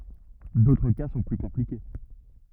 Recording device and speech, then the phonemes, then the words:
rigid in-ear microphone, read sentence
dotʁ ka sɔ̃ ply kɔ̃plike
D'autres cas sont plus compliqués.

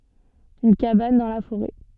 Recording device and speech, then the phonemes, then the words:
soft in-ear microphone, read sentence
yn kaban dɑ̃ la foʁɛ
Une cabane dans la forêt.

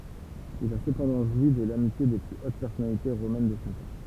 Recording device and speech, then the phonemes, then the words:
temple vibration pickup, read sentence
il a səpɑ̃dɑ̃ ʒwi də lamitje de ply ot pɛʁsɔnalite ʁomɛn də sɔ̃ tɑ̃
Il a cependant joui de l'amitié des plus hautes personnalités romaines de son temps.

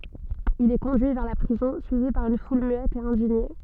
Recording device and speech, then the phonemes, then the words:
soft in-ear microphone, read sentence
il ɛ kɔ̃dyi vɛʁ la pʁizɔ̃ syivi paʁ yn ful myɛt e ɛ̃diɲe
Il est conduit vers la prison, suivi par une foule muette et indignée.

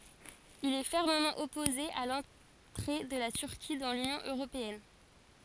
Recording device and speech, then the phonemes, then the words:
forehead accelerometer, read sentence
il ɛ fɛʁməmɑ̃ ɔpoze a lɑ̃tʁe də la tyʁki dɑ̃ lynjɔ̃ øʁopeɛn
Il est fermement opposé à l'entrée de la Turquie dans l'Union européenne.

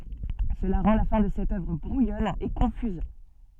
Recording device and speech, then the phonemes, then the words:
soft in-ear microphone, read sentence
səla ʁɑ̃ la fɛ̃ də sɛt œvʁ bʁujɔn e kɔ̃fyz
Cela rend la fin de cette œuvre brouillonne et confuse.

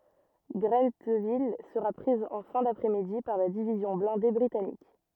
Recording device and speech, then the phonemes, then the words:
rigid in-ear microphone, read sentence
ɡʁɑ̃tvil səʁa pʁiz ɑ̃ fɛ̃ dapʁɛ midi paʁ la divizjɔ̃ blɛ̃de bʁitanik
Grentheville sera prise en fin d’après-midi par la division blindée britannique.

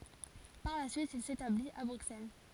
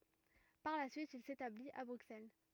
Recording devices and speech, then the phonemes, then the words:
forehead accelerometer, rigid in-ear microphone, read sentence
paʁ la syit il setablit a bʁyksɛl
Par la suite, il s'établit à Bruxelles.

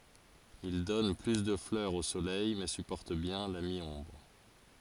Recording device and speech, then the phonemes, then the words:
forehead accelerometer, read sentence
il dɔn ply də flœʁz o solɛj mɛ sypɔʁt bjɛ̃ la mi ɔ̃bʁ
Il donne plus de fleurs au soleil mais supporte bien la mi-ombre.

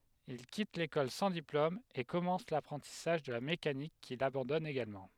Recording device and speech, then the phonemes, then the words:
headset microphone, read sentence
il kit lekɔl sɑ̃ diplom e kɔmɑ̃s lapʁɑ̃tisaʒ də la mekanik kil abɑ̃dɔn eɡalmɑ̃
Il quitte l’école sans diplôme et commence l’apprentissage de la mécanique qu’il abandonne également.

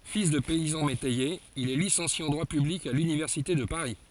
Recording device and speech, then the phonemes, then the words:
forehead accelerometer, read sentence
fil də pɛizɑ̃ metɛjez il ɛ lisɑ̃sje ɑ̃ dʁwa pyblik a lynivɛʁsite də paʁi
Fils de paysans métayers, il est licencié en droit public à l'Université de Paris.

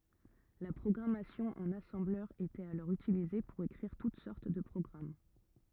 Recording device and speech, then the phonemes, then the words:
rigid in-ear microphone, read sentence
la pʁɔɡʁamasjɔ̃ ɑ̃n asɑ̃blœʁ etɛt alɔʁ ytilize puʁ ekʁiʁ tut sɔʁt də pʁɔɡʁam
La programmation en assembleur était alors utilisée pour écrire toutes sortes de programmes.

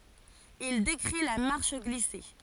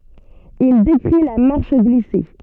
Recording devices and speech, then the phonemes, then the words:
forehead accelerometer, soft in-ear microphone, read sentence
il dekʁi la maʁʃ ɡlise
Il décrit la marche glissée.

